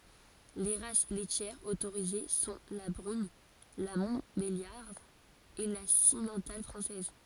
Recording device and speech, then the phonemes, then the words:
forehead accelerometer, read sentence
le ʁas lɛtjɛʁz otoʁize sɔ̃ la bʁyn la mɔ̃tbeljaʁd e la simmɑ̃tal fʁɑ̃sɛz
Les races laitières autorisées sont la brune, la montbéliarde et la simmental française.

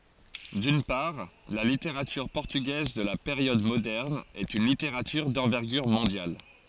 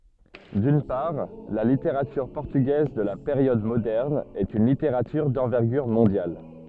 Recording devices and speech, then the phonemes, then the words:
forehead accelerometer, soft in-ear microphone, read sentence
dyn paʁ la liteʁatyʁ pɔʁtyɡɛz də la peʁjɔd modɛʁn ɛt yn liteʁatyʁ dɑ̃vɛʁɡyʁ mɔ̃djal
D'une part, la littérature portugaise de la période moderne est une littérature d'envergure mondiale.

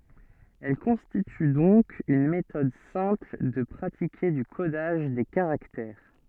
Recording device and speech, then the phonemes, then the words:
soft in-ear microphone, read sentence
ɛl kɔ̃stity dɔ̃k yn metɔd sɛ̃pl də pʁatike dy kodaʒ de kaʁaktɛʁ
Elle constitue donc une méthode simple de pratiquer du codage des caractères.

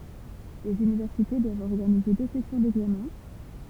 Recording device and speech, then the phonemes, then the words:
temple vibration pickup, read sentence
lez ynivɛʁsite dwavt ɔʁɡanize dø sɛsjɔ̃ dɛɡzamɛ̃
Les universités doivent organiser deux sessions d’examens.

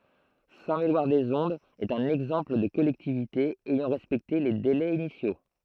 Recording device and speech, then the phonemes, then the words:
throat microphone, read sentence
sɛ̃tmelwaʁdəzɔ̃dz ɛt œ̃n ɛɡzɑ̃pl də kɔlɛktivite ɛjɑ̃ ʁɛspɛkte le delɛz inisjo
Saint-Méloir-des-Ondes est un exemple de collectivité ayant respecté les délais initiaux.

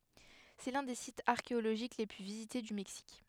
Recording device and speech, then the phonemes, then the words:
headset microphone, read sentence
sɛ lœ̃ de sitz aʁkeoloʒik le ply vizite dy mɛksik
C’est l'un des sites archéologiques les plus visités du Mexique.

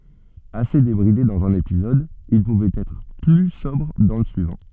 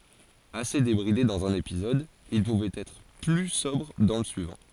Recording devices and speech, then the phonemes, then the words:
soft in-ear microphone, forehead accelerometer, read sentence
ase debʁide dɑ̃z œ̃n epizɔd il puvɛt ɛtʁ ply sɔbʁ dɑ̃ lə syivɑ̃
Assez débridé dans un épisode, il pouvait être plus sobre dans le suivant.

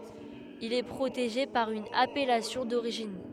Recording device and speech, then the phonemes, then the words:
headset microphone, read sentence
il ɛ pʁoteʒe paʁ yn apɛlasjɔ̃ doʁiʒin
Il est protégé par une appellation d'origine.

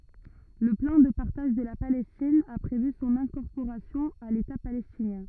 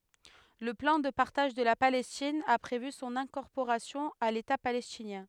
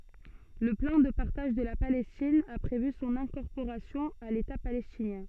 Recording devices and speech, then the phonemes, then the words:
rigid in-ear microphone, headset microphone, soft in-ear microphone, read sentence
lə plɑ̃ də paʁtaʒ də la palɛstin a pʁevy sɔ̃n ɛ̃kɔʁpoʁasjɔ̃ a leta palɛstinjɛ̃
Le plan de partage de la Palestine a prévu son incorporation à l'État palestinien.

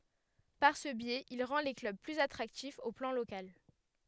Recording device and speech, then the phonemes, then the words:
headset microphone, read sentence
paʁ sə bjɛz il ʁɑ̃ le klœb plyz atʁaktifz o plɑ̃ lokal
Par ce biais, il rend les clubs plus attractifs au plan local.

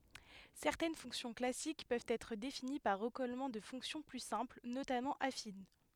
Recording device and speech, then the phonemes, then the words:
headset microphone, read sentence
sɛʁtɛn fɔ̃ksjɔ̃ klasik pøvt ɛtʁ defini paʁ ʁəkɔlmɑ̃ də fɔ̃ksjɔ̃ ply sɛ̃pl notamɑ̃ afin
Certaines fonctions classiques peuvent être définies par recollement de fonctions plus simples, notamment affines.

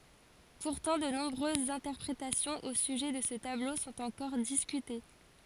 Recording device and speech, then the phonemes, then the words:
forehead accelerometer, read sentence
puʁtɑ̃ də nɔ̃bʁøzz ɛ̃tɛʁpʁetasjɔ̃z o syʒɛ də sə tablo sɔ̃t ɑ̃kɔʁ diskyte
Pourtant, de nombreuses interprétations au sujet de ce tableau sont encore discutées.

